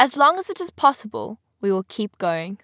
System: none